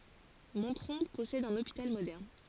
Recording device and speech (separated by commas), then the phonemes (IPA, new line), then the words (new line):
forehead accelerometer, read sentence
mɔ̃tʁɔ̃ pɔsɛd œ̃n opital modɛʁn
Montrond possède un hôpital moderne.